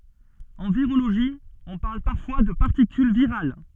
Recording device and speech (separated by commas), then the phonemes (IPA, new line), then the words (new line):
soft in-ear microphone, read sentence
ɑ̃ viʁoloʒi ɔ̃ paʁl paʁfwa də paʁtikyl viʁal
En virologie, on parle parfois de particule virale.